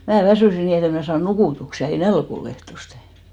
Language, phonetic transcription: Finnish, mää "väsỳsi 'nii et ‿em mn'ä saan 'nukùtuksɪ , ja ei "nälk ‿o'l ‿ehtoste .
- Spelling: minä väsyin niin että en minä saanut nukutuksi ja ei nälkä ollut ehtoosti

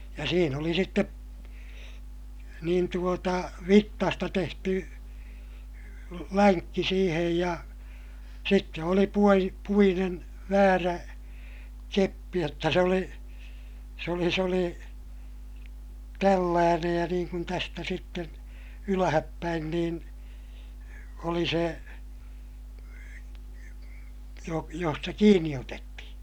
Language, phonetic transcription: Finnish, ja siin ‿oli sittep , niin tuota , vittasta tehty , läŋkki siihej ja , sitte oli puoji - puinen , väärä , keppi jotta se oli , s ‿oli s ‿oli , tälläänej ja niiŋ kun tästä sitten , ylähäppäin niin , oli se , jo - josta kiinni otetti(hi) .
- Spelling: ja siinä oli sitten niin tuota vitsasta tehty lenkki siihen ja sitten oli - puinen väärä keppi jotta se oli se oli se oli tällainen ja niin kuin tästä sitten ylöspäin niin oli se - josta kiinni otettiin

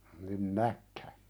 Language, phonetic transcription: Finnish, nin "näkkä ?
- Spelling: niin näkki

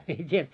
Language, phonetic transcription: Finnish, en t́ie ,.
- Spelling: en tiedä

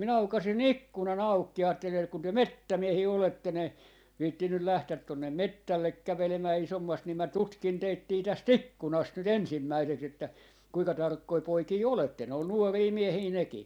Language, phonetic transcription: Finnish, 'minä 'aukasi"n ‿ikkunan 'aukki ja 'aattelin ‿et » kun 'työ "mettä"miehii 'oletten ‿e- , 'viittinyl 'lähtät tonnem̆ "mettällek 'kävelemää 'isommast ni mä "tutkin 'teittii 'täs"t ‿ikkunast 'nyt 'ensimmäiseks ‿että , 'kuika 'tarkkoi 'poikii "oletten » , ol "nuorii "miehii 'neki .
- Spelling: minä aukaisin ikkunan auki ja ajattelin että kun te metsämiehiä olette - viitsinyt lähteä tuonne metsälle kävelemään isommasti niin minä tutkin teittä tästä ikkunasta nyt ensimmäiseksi että kuinka tarkkoja poikia olette oli nuoria miehiä nekin

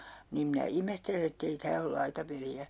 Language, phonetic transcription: Finnish, niim minä 'imehtelen ‿ett ‿ei 'tää ol "laitapeli₍ä .
- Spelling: niin minä ihmettelen että ei tämä ole laitapeliä

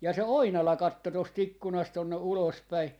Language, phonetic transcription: Finnish, ja se "Oinala 'katto 'tos't ‿ikkunast tonne 'ulos päi .
- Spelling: ja se Oinala katsoi tuosta ikkunasta tuonne ulos päin

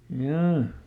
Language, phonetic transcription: Finnish, hjaa .
- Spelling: jaa

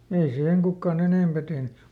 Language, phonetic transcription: Finnish, ei ˈsiiheŋ ˈkukkaˈn ‿enèmpä tehny .
- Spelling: ei siihen kukaan enempää tehnyt

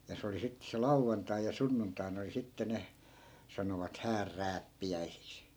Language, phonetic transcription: Finnish, ja 'se oli sittᵉ se 'lauvvantai ja 'sunnuntai̮n ‿oli 'sitte ne , 'sanovat "häär'rääppi₍äisiks .
- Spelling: ja se oli sitten se lauantai ja sunnuntaina oli sitten ne sanoivat häänrääppiäisiksi

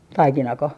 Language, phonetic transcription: Finnish, "taikinako ?
- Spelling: taikinako

